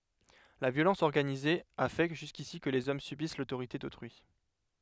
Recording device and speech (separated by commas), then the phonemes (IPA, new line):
headset microphone, read sentence
la vjolɑ̃s ɔʁɡanize a fɛ ʒyskisi kə lez ɔm sybis lotoʁite dotʁyi